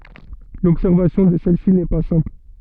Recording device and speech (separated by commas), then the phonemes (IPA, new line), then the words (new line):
soft in-ear microphone, read sentence
lɔbsɛʁvasjɔ̃ də sɛl si nɛ pa sɛ̃pl
L'observation de celle-ci n'est pas simple.